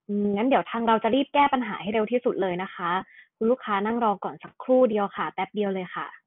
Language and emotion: Thai, neutral